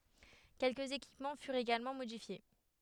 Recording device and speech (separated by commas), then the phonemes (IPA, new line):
headset microphone, read sentence
kɛlkəz ekipmɑ̃ fyʁt eɡalmɑ̃ modifje